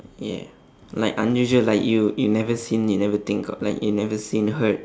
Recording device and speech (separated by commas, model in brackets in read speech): standing microphone, conversation in separate rooms